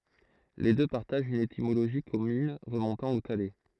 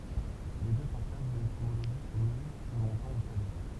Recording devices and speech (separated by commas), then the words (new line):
throat microphone, temple vibration pickup, read sentence
Les deux partagent une étymologie commune remontant au thaler.